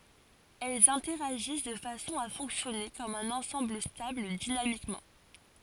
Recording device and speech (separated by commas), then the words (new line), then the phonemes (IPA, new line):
forehead accelerometer, read sentence
Elles interagissent de façon à fonctionner comme un ensemble stable dynamiquement.
ɛlz ɛ̃tɛʁaʒis də fasɔ̃ a fɔ̃ksjɔne kɔm œ̃n ɑ̃sɑ̃bl stabl dinamikmɑ̃